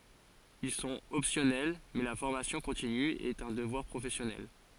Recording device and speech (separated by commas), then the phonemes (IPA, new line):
forehead accelerometer, read sentence
il sɔ̃t ɔpsjɔnɛl mɛ la fɔʁmasjɔ̃ kɔ̃tiny ɛt œ̃ dəvwaʁ pʁofɛsjɔnɛl